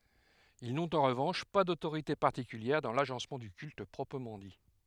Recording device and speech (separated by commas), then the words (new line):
headset microphone, read sentence
Ils n’ont en revanche pas d’autorité particulière dans l’agencement du culte proprement dit.